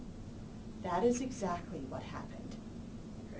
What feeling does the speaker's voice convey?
neutral